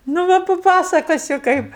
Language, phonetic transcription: Lithuanian, nu ˈva paˈpasakosiu ˈkaip

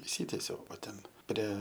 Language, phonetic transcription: Lithuanian, išˈsytiesiau o ˈten ˈprie

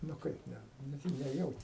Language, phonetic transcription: Lithuanian, nu ˈkaip ˈne neˈjauti

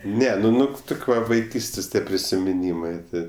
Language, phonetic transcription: Lithuanian, ˈne nu ˈnu ˈtuk' ˈva vaiˈkystės' ˈtie prisimiˈnymɜ ˈti

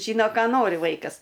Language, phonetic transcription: Lithuanian, ˈžyno ˈką ˈnori ˈvaikas

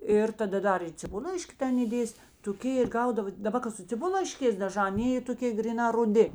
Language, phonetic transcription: Lithuanian, ˈir taˈda ˈdar i ciˈbullaiški ˈten įˈdėsi toˈkė ir ˈgaudavo daˈba ka su ciˈbullaiškės daˈžā aˈnė y toˈkė griˈnā ruˈdi

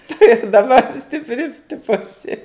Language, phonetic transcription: Lithuanian, tu ir daˈbar stipˈri ˈtipo aˈsi

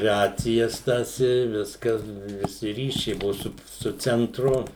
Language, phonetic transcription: Lithuanian, ˈracijas tas i ˈviskas viˈsi ˈryšiai ˈbuvu su su cenˈtru

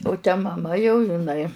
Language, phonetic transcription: Lithuanian, u te maˈma jau iˈnai

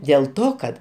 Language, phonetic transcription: Lithuanian, dėl ˈto kad

